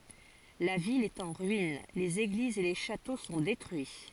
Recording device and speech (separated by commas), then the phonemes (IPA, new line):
forehead accelerometer, read sentence
la vil ɛt ɑ̃ ʁyin lez eɡlizz e le ʃato sɔ̃ detʁyi